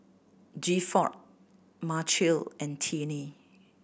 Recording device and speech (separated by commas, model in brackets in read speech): boundary microphone (BM630), read sentence